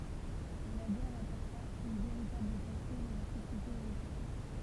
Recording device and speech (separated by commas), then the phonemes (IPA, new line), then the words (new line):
temple vibration pickup, read sentence
mɛ la ɡɛʁ apɔʁta yn veʁitabl kasyʁ dɑ̃ le sosjetez øʁopeɛn
Mais la guerre apporta une véritable cassure dans les sociétés européennes.